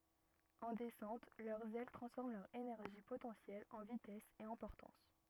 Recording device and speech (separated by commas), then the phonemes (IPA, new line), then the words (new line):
rigid in-ear microphone, read sentence
ɑ̃ dɛsɑ̃t lœʁz ɛl tʁɑ̃sfɔʁm lœʁ enɛʁʒi potɑ̃sjɛl ɑ̃ vitɛs e ɑ̃ pɔʁtɑ̃s
En descente, leurs ailes transforment leur énergie potentielle en vitesse et en portance.